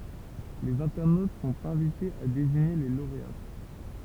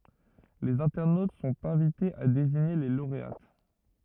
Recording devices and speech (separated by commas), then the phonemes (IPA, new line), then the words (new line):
temple vibration pickup, rigid in-ear microphone, read sentence
lez ɛ̃tɛʁnot sɔ̃t ɛ̃vitez a deziɲe le loʁeat
Les internautes sont invités à désigner les lauréates.